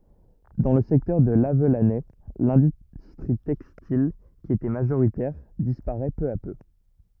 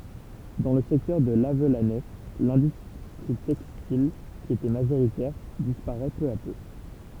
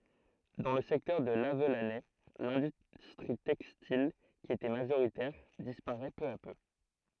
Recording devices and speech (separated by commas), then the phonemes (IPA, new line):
rigid in-ear microphone, temple vibration pickup, throat microphone, read sentence
dɑ̃ lə sɛktœʁ də lavlanɛ lɛ̃dystʁi tɛkstil ki etɛ maʒoʁitɛʁ dispaʁɛ pø a pø